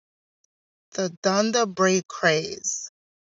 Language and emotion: English, sad